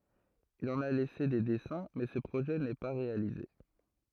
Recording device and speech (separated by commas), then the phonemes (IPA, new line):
throat microphone, read sentence
il ɑ̃n a lɛse de dɛsɛ̃ mɛ sə pʁoʒɛ nɛ pa ʁealize